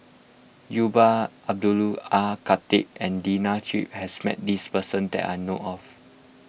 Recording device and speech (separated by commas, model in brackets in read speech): boundary microphone (BM630), read sentence